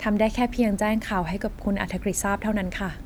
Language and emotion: Thai, neutral